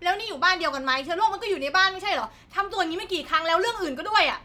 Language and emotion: Thai, angry